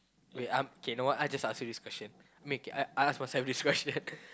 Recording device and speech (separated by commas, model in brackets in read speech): close-talking microphone, conversation in the same room